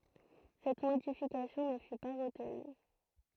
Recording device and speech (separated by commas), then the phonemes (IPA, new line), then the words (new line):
throat microphone, read sentence
sɛt modifikasjɔ̃ nə fy pa ʁətny
Cette modification ne fut pas retenue.